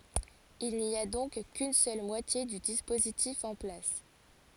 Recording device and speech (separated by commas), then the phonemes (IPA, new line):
forehead accelerometer, read sentence
il ni a dɔ̃k kyn sœl mwatje dy dispozitif ɑ̃ plas